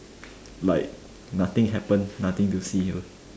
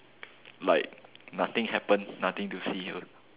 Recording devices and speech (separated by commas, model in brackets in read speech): standing microphone, telephone, conversation in separate rooms